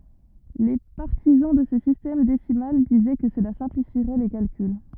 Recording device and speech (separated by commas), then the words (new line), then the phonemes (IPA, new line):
rigid in-ear microphone, read sentence
Les partisans de ce système décimal disaient que cela simplifierait les calculs.
le paʁtizɑ̃ də sə sistɛm desimal dizɛ kə səla sɛ̃plifiʁɛ le kalkyl